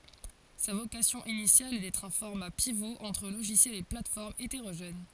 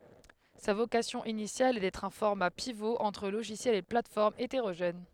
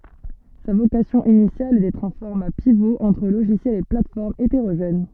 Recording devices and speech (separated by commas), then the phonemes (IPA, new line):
forehead accelerometer, headset microphone, soft in-ear microphone, read sentence
sa vokasjɔ̃ inisjal ɛ dɛtʁ œ̃ fɔʁma pivo ɑ̃tʁ loʒisjɛlz e platɛsfɔʁmz eteʁoʒɛn